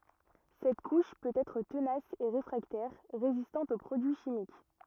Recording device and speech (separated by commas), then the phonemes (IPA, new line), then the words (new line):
rigid in-ear microphone, read sentence
sɛt kuʃ pøt ɛtʁ tənas e ʁefʁaktɛʁ ʁezistɑ̃t o pʁodyi ʃimik
Cette couche peut être tenace et réfractaire, résistante au produits chimiques.